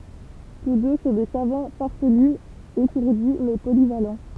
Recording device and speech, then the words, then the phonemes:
temple vibration pickup, read sentence
Tous deux sont des savants farfelus, étourdis mais polyvalents.
tus dø sɔ̃ de savɑ̃ faʁfəly etuʁdi mɛ polival

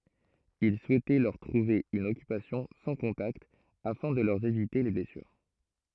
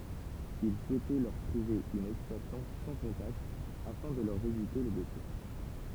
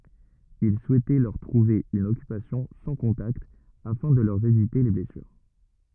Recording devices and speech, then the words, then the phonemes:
throat microphone, temple vibration pickup, rigid in-ear microphone, read sentence
Il souhaitait leur trouver une occupation sans contacts, afin de leur éviter les blessures.
il suɛtɛ lœʁ tʁuve yn ɔkypasjɔ̃ sɑ̃ kɔ̃takt afɛ̃ də lœʁ evite le blɛsyʁ

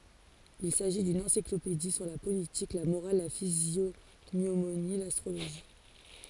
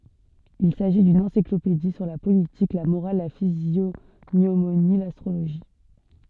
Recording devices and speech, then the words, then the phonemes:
forehead accelerometer, soft in-ear microphone, read sentence
Il s'agit d'une encyclopédie sur la politique, la morale, la physiognomonie, l'astrologie.
il saʒi dyn ɑ̃siklopedi syʁ la politik la moʁal la fizjoɲomoni lastʁoloʒi

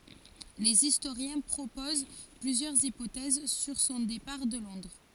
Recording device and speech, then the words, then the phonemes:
forehead accelerometer, read sentence
Les historiens proposent plusieurs hypothèses sur son départ de Londres.
lez istoʁjɛ̃ pʁopoz plyzjœʁz ipotɛz syʁ sɔ̃ depaʁ də lɔ̃dʁ

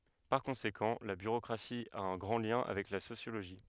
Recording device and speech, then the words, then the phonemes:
headset microphone, read sentence
Par conséquent, la bureaucratie a un grand lien avec la sociologie.
paʁ kɔ̃sekɑ̃ la byʁokʁasi a œ̃ ɡʁɑ̃ ljɛ̃ avɛk la sosjoloʒi

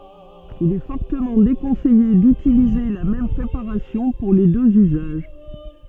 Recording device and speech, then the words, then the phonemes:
soft in-ear microphone, read sentence
Il est fortement déconseillé d'utiliser la même préparation pour les deux usages.
il ɛ fɔʁtəmɑ̃ dekɔ̃sɛje dytilize la mɛm pʁepaʁasjɔ̃ puʁ le døz yzaʒ

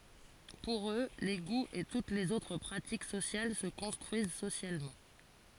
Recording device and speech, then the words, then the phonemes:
forehead accelerometer, read sentence
Pour eux, les goûts et toutes les autres pratiques sociales se construisent socialement.
puʁ ø le ɡuz e tut lez otʁ pʁatik sosjal sə kɔ̃stʁyiz sosjalmɑ̃

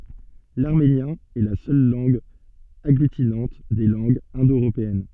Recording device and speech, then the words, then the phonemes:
soft in-ear microphone, read sentence
L'arménien est la seule langue agglutinante des langues indo-européennes.
laʁmenjɛ̃ ɛ la sœl lɑ̃ɡ aɡlytinɑ̃t de lɑ̃ɡz ɛ̃do øʁopeɛn

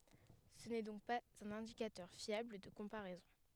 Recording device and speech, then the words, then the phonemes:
headset microphone, read sentence
Ce n’est donc pas un indicateur fiable de comparaison.
sə nɛ dɔ̃k paz œ̃n ɛ̃dikatœʁ fjabl də kɔ̃paʁɛzɔ̃

